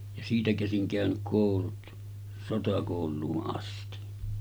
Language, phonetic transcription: Finnish, ja 'siitä käsiŋ kä̀önyk 'kòulut , 'sotakòul̆luu’ ’asti .
- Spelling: ja siitä käsin käynyt koulut sotakouluun asti

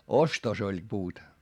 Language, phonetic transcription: Finnish, ostos ‿oĺ puut .
- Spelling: ostossa oli puut

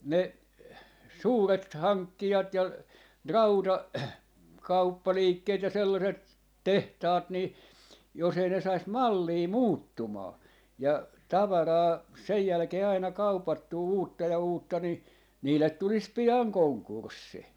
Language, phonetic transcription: Finnish, ne , "suuret "haŋkkijat ja , "rauta- , '-kauppaliikkeet ja 'sellaset , "tehtaat ni , jos ‿ei ne 'sais "mallii "muuttumaa , ja , 'tavaraa , 'sej jälkee aina "kaupattuu 'uutta ja 'uutta ni , 'niillet 'tulis 'pi₍aŋ "koŋkurssi .
- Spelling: ne suuret hankkijat ja - rautakauppaliikkeet ja sellaiset tehtaat niin jos ei ne saisi mallia muuttumaan ja tavaraa sen jälkeen aina kaupattua uutta ja uutta niin niille tulisi pian konkurssi

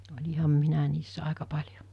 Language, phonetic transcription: Finnish, 'oĺiham 'minä niissä 'àeka 'paĺjo .
- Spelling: olinhan minä niissä aika paljon

